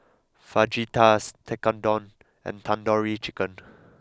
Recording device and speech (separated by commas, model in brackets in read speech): close-talking microphone (WH20), read sentence